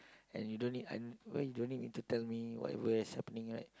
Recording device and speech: close-talking microphone, conversation in the same room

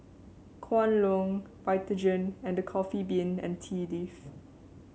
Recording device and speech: mobile phone (Samsung C7), read sentence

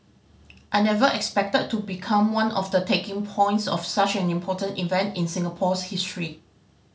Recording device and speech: mobile phone (Samsung C5010), read sentence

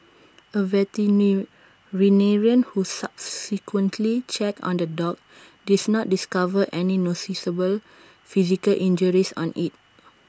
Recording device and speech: standing microphone (AKG C214), read sentence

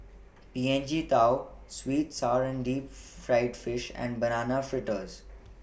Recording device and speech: boundary microphone (BM630), read sentence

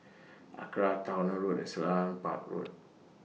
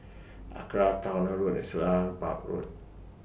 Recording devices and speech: mobile phone (iPhone 6), boundary microphone (BM630), read sentence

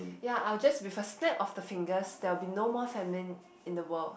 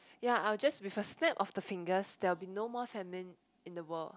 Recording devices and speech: boundary microphone, close-talking microphone, conversation in the same room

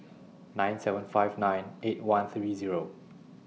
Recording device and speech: mobile phone (iPhone 6), read sentence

